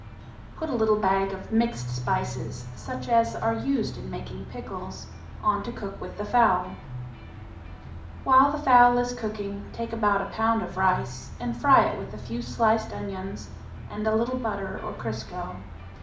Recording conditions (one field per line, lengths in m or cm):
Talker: one person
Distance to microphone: 2.0 m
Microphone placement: close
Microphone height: 99 cm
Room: medium-sized (5.7 m by 4.0 m)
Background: music